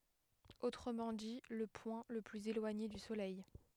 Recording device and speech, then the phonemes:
headset microphone, read sentence
otʁəmɑ̃ di lə pwɛ̃ lə plyz elwaɲe dy solɛj

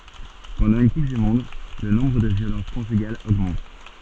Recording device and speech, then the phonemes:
soft in-ear microphone, read sentence
pɑ̃dɑ̃ yn kup dy mɔ̃d lə nɔ̃bʁ də vjolɑ̃s kɔ̃ʒyɡalz oɡmɑ̃t

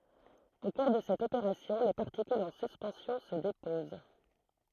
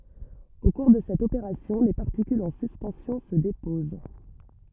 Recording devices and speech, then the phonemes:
throat microphone, rigid in-ear microphone, read sentence
o kuʁ də sɛt opeʁasjɔ̃ le paʁtikylz ɑ̃ syspɑ̃sjɔ̃ sə depoz

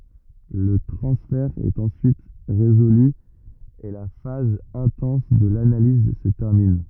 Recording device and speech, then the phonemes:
rigid in-ear microphone, read sentence
lə tʁɑ̃sfɛʁ ɛt ɑ̃syit ʁezoly e la faz ɛ̃tɑ̃s də lanaliz sə tɛʁmin

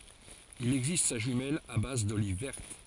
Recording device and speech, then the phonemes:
forehead accelerometer, read sentence
il ɛɡzist sa ʒymɛl a baz doliv vɛʁt

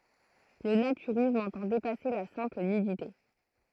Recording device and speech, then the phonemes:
throat microphone, read sentence
lə natyʁism ɑ̃tɑ̃ depase la sɛ̃pl nydite

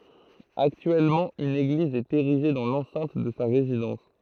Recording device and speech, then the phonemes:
throat microphone, read sentence
aktyɛlmɑ̃ yn eɡliz ɛt eʁiʒe dɑ̃ lɑ̃sɛ̃t də sa ʁezidɑ̃s

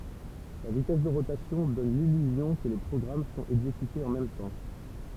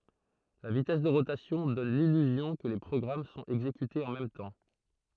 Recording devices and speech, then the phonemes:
temple vibration pickup, throat microphone, read sentence
la vitɛs də ʁotasjɔ̃ dɔn lilyzjɔ̃ kə le pʁɔɡʁam sɔ̃t ɛɡzekytez ɑ̃ mɛm tɑ̃

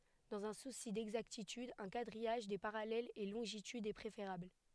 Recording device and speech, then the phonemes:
headset microphone, read sentence
dɑ̃z œ̃ susi dɛɡzaktityd œ̃ kadʁijaʒ de paʁalɛlz e lɔ̃ʒitydz ɛ pʁefeʁabl

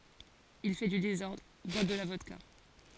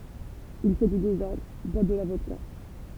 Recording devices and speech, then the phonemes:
forehead accelerometer, temple vibration pickup, read sentence
il fɛ dy dezɔʁdʁ bwa də la vɔdka

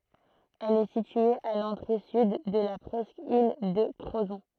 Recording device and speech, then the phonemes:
throat microphone, read sentence
ɛl ɛ sitye a lɑ̃tʁe syd də la pʁɛskil də kʁozɔ̃

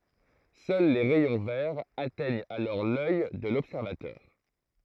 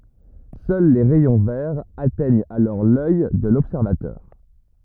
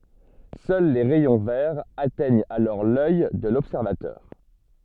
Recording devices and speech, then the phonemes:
throat microphone, rigid in-ear microphone, soft in-ear microphone, read sentence
sœl le ʁɛjɔ̃ vɛʁz atɛɲt alɔʁ lœj də lɔbsɛʁvatœʁ

